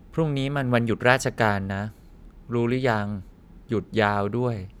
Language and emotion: Thai, neutral